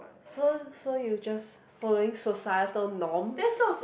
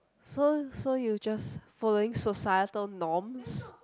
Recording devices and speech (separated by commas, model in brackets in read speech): boundary microphone, close-talking microphone, conversation in the same room